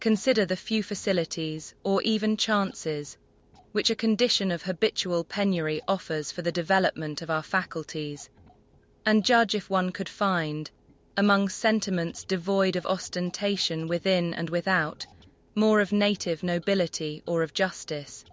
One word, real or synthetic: synthetic